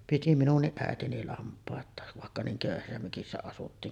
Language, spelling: Finnish, piti minunkin äitini lampaita vaikka niin köyhässä mökissä asuttiin
- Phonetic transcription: piti minunniˀ "ˀäetini 'lamp̀àet̀àev vàekka 'niiŋ 'kö̀yhässä mökissä asuttiin .

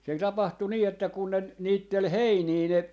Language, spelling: Finnish, se tapahtui niin että kun ne niitteli heiniä ne
- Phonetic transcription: se 'tapahtu nii että kun ne 'niittel "heinii 'ne , .

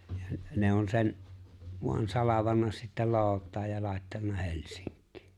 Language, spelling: Finnish, ja ne on sen vain salvannut sitten lootaan ja laittanut Helsinkiin
- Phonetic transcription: ja ne on 'sen , voan 'salavanna sittä 'loout̆taaj ja 'làettanna "He̬lsiŋk̆kɪɪ .

